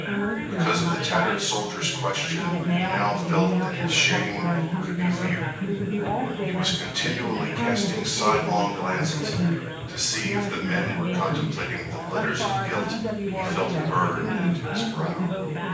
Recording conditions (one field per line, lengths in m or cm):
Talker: one person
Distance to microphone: 9.8 m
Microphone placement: far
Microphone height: 1.8 m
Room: large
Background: babble